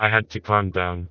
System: TTS, vocoder